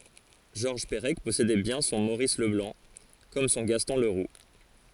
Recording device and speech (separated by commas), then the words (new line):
forehead accelerometer, read sentence
Georges Perec possédait bien son Maurice Leblanc, comme son Gaston Leroux.